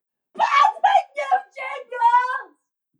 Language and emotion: English, angry